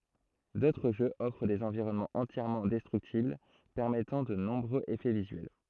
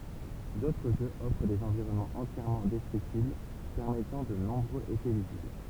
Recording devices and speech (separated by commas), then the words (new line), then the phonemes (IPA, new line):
throat microphone, temple vibration pickup, read sentence
D'autres jeux offrent des environnements entièrement destructibles permettant de nombreux effets visuels.
dotʁ ʒøz ɔfʁ dez ɑ̃viʁɔnmɑ̃z ɑ̃tjɛʁmɑ̃ dɛstʁyktibl pɛʁmɛtɑ̃ də nɔ̃bʁøz efɛ vizyɛl